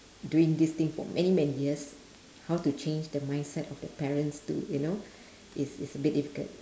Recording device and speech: standing microphone, conversation in separate rooms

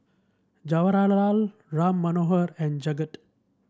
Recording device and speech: standing microphone (AKG C214), read sentence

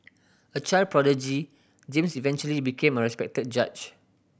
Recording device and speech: boundary microphone (BM630), read sentence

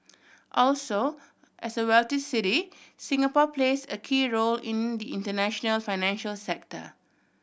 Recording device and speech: boundary microphone (BM630), read sentence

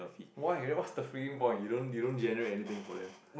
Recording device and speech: boundary microphone, conversation in the same room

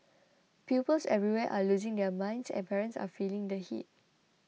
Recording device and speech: mobile phone (iPhone 6), read sentence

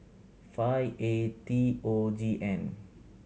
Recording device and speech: mobile phone (Samsung C7100), read sentence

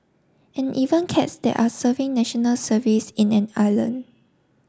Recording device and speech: standing microphone (AKG C214), read sentence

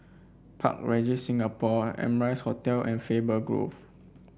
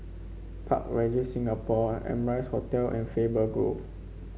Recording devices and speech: boundary microphone (BM630), mobile phone (Samsung C5), read sentence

